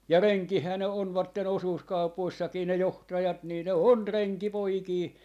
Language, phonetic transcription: Finnish, ja "reŋkìhää ne 'onvatten 'osuuskaupoissakii ne "johtajat nii 'ne "on 'reŋki'poikii .
- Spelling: ja renkejähän ne ovat osuuskaupoissakin ne johtajat niin ne on renkipoikia

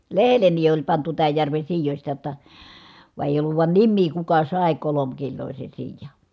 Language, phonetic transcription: Finnish, lehelleni oĺ pantu tääj järven̬ siijośta jotta , vàe èi̮j ‿olluv vài̮n nimmii kuka sàe kolomkillòise siija .
- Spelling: lehdelleni oli pantu tämän järven siioista jotta vaan ei ollut vain nimeä kuka sai kolmekiloisen siian

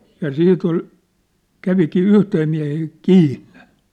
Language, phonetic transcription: Finnish, ja 'sit ‿ol , 'kävikii 'yhtee miä̭hee , "kiinnᴇ .
- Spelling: ja sitä oli kävikin yhteen mieheen kiinni

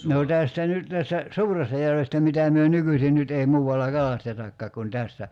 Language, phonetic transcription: Finnish, nò 'tästä "nyt tästä , "Suurestajärvestä mitä̀ myö 'nykysin 'nyt ei 'muuwalla "kalastetakkaak kun 'tässä ,.
- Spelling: no tästä nyt tästä Suurestajärvestä mitä me nykyisin nyt ei muualla kalastetakaan kuin tässä

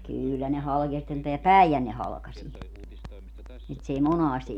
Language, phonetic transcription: Finnish, 'kỳllä ne 'halkee ja sitten teä "Päijänne 'halᵃkasie , (ni et s ‿ei) "monàsti ,.
- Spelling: kyllä ne halkeaa ja sitten tämä Päijänne halkaisee niin että se ei monasti

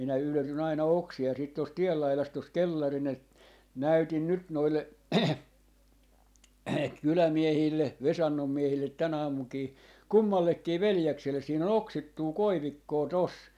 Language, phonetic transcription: Finnish, minä 'yletyn ‿aina "oksi₍a siit tost "tiel 'lailast tos "kellarin ‿et- , "näytin "nyt 'noille 'kylämiehiille "Vesannom 'miehillet̆ "tän ‿aamuŋkii , "kummallekkii "veljekselle siin ‿on "oksittuu "koivikkoo 'tos .
- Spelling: minä yletyn aina oksia sitten tuosta tien laidasta tuossa kellarin - näytin nyt noille kylämiehille Vesannon miehille tänä aamunakin kummallekin veljekselle siinä on oksittua koivikkoa tuossa

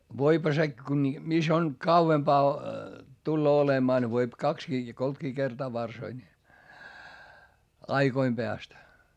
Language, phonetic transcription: Finnish, voipha se , ku ni , mis ‿on , kauvempaa , tulloo olemaa ne voip kakskii ja koltkii kertaa varsoi ńi , aiGoim peäst .
- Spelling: voihan se kun niin missä on kauempaa tulee olemaan ne voi kaksikin ja kolmekin kertaa varsoi niin aikojen päästä

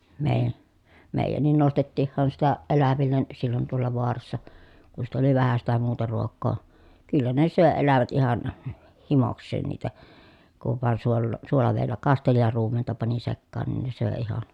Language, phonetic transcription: Finnish, mèi̮jä- , mèi̮jännin nostettiihhan sitä ʼelävillen , sillon toalla voarassa , ku sit ‿oli vähä sitä muuta ruok̆koo , kyllä ne sö̀e elävät ihan , h- himoks̆seen niitä , kuv vàen suollò- , suolavèi̮llä kasteli ja ruumenta pani sekkaan nin se söè ihan̬ .
- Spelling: - meidänkin nostettiinhan sitä eläville silloin tuolla vaarassa kun sitten oli vähän sitä muuta ruokaa kyllä ne söi elävät ihan - himokseen niitä kun vain - suolavedellä kasteli ja ruumenta pani sekaan niin se söi ihan

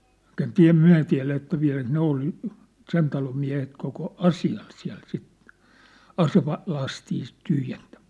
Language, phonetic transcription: Finnish, mŭt ‿en "tiä̭- "myä̭ tiä̭lä että 'viä̭läk 'ne ‿ol , "sen talom miä̭het koko , "asi₍al siä̭l sit , "aseva- , '-lastii sit 'tyhjentᴀ̈ᴍᴀ̈(s) .
- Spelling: mutta en - me tiedä että vieläkö ne oli sen talon miehet koko asialla siellä sitten - aselastia sitten tyhjentämässä

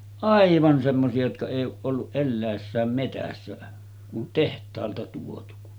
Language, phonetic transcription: Finnish, "’aivan semmosi₍a jotka èij̆j ‿ooˀ ˀolluˀ 'ˀellä̀essääm 'metässä , kun 'teht̀aalta tuotu .
- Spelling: aivan semmoisia jotka ei ole ollut eläessään metsässä kun tehtaalta tuotu

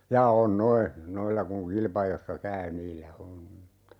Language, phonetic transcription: Finnish, 'jaa 'on "noi , 'noilla kuŋ 'kilpajossa "käy 'niillä "om (mutta) ,.
- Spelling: jaa on nuo noilla kun kilpa-ajoissa käy niillä on mutta

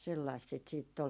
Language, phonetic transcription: Finnish, sellaist sit siitt ‿ol .
- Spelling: sellaista sitä sitten oli

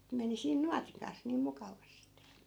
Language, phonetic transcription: Finnish, (ne) meni 'siin "nuatiŋ kans niim 'mukavastEE .
- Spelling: ne meni siinä nuotin kanssa niin mukavasti

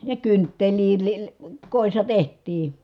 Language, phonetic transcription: Finnish, ja kynttelii li- , kòissa teht̆tii .
- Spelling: ja kynttilöitä - kodissa tehtiin

